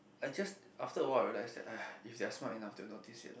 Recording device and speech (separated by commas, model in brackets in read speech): boundary microphone, conversation in the same room